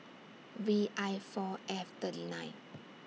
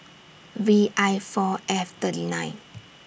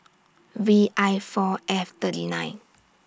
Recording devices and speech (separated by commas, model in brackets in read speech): mobile phone (iPhone 6), boundary microphone (BM630), standing microphone (AKG C214), read sentence